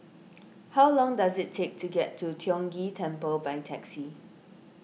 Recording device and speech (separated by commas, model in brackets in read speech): mobile phone (iPhone 6), read sentence